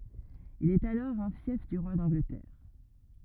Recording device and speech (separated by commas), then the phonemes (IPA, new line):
rigid in-ear microphone, read sentence
il ɛt alɔʁ œ̃ fjɛf dy ʁwa dɑ̃ɡlətɛʁ